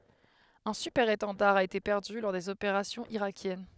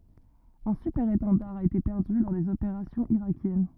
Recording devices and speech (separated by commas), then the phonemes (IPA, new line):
headset microphone, rigid in-ear microphone, read sentence
œ̃ sypɛʁetɑ̃daʁ a ete pɛʁdy lɔʁ dez opeʁasjɔ̃z iʁakjɛn